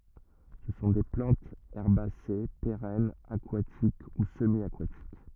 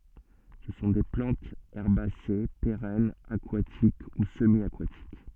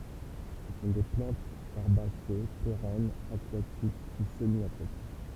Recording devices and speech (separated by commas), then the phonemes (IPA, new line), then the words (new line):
rigid in-ear microphone, soft in-ear microphone, temple vibration pickup, read sentence
sə sɔ̃ de plɑ̃tz ɛʁbase peʁɛnz akwatik u səmjakatik
Ce sont des plantes herbacées, pérennes, aquatiques ou semi-aquatiques.